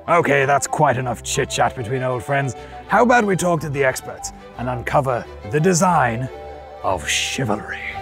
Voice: knightly voice